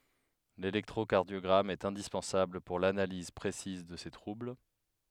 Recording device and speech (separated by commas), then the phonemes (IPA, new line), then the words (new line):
headset microphone, read sentence
lelɛktʁokaʁdjɔɡʁam ɛt ɛ̃dispɑ̃sabl puʁ lanaliz pʁesiz də se tʁubl
L'électrocardiogramme est indispensable pour l'analyse précise de ces troubles.